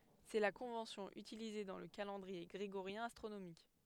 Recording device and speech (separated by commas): headset microphone, read sentence